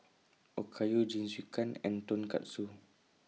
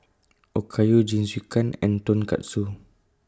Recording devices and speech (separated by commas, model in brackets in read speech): mobile phone (iPhone 6), close-talking microphone (WH20), read sentence